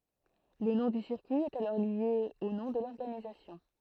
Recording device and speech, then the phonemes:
throat microphone, read sentence
lə nɔ̃ dy siʁkyi ɛt alɔʁ lje o nɔ̃ də lɔʁɡanizasjɔ̃

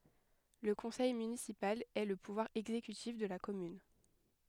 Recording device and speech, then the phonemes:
headset microphone, read sentence
lə kɔ̃sɛj mynisipal ɛ lə puvwaʁ ɛɡzekytif də la kɔmyn

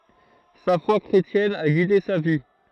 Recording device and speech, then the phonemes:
throat microphone, read sentence
sa fwa kʁetjɛn a ɡide sa vi

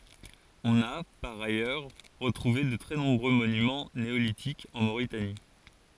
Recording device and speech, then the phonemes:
forehead accelerometer, read sentence
ɔ̃n a paʁ ajœʁ ʁətʁuve də tʁɛ nɔ̃bʁø monymɑ̃ neolitikz ɑ̃ moʁitani

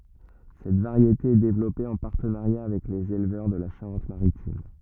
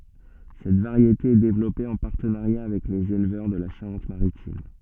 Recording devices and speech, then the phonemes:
rigid in-ear microphone, soft in-ear microphone, read sentence
sɛt vaʁjete ɛ devlɔpe ɑ̃ paʁtənaʁja avɛk lez elvœʁ də la ʃaʁɑ̃tmaʁitim

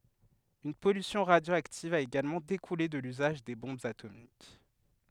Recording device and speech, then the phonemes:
headset microphone, read sentence
yn pɔlysjɔ̃ ʁadjoaktiv a eɡalmɑ̃ dekule də lyzaʒ de bɔ̃bz atomik

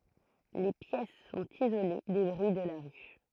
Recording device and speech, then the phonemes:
throat microphone, read sentence
le pjɛs sɔ̃t izole de bʁyi də la ʁy

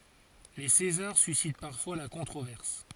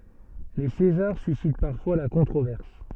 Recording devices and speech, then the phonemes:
forehead accelerometer, soft in-ear microphone, read sentence
le sezaʁ sysit paʁfwa la kɔ̃tʁovɛʁs

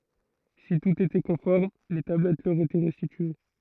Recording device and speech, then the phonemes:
throat microphone, read sentence
si tut etɛ kɔ̃fɔʁm le tablɛt lœʁ etɛ ʁɛstitye

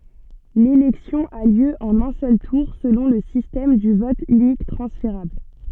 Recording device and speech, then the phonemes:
soft in-ear microphone, read sentence
lelɛksjɔ̃ a ljø ɑ̃n œ̃ sœl tuʁ səlɔ̃ lə sistɛm dy vɔt ynik tʁɑ̃sfeʁabl

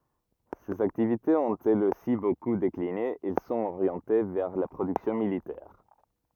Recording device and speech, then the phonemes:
rigid in-ear microphone, read sentence
sez aktivitez ɔ̃t ɛlz osi boku dekline ɛl sɔ̃t oʁjɑ̃te vɛʁ la pʁodyksjɔ̃ militɛʁ

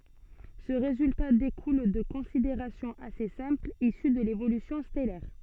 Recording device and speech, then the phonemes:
soft in-ear microphone, read sentence
sə ʁezylta dekul də kɔ̃sideʁasjɔ̃z ase sɛ̃plz isy də levolysjɔ̃ stɛlɛʁ

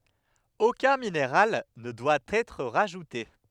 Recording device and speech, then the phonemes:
headset microphone, read sentence
okœ̃ mineʁal nə dwa ɛtʁ ʁaʒute

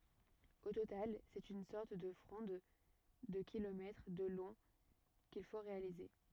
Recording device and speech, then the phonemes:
rigid in-ear microphone, read sentence
o total sɛt yn sɔʁt də fʁɔ̃d də kilomɛtʁ də lɔ̃ kil fo ʁealize

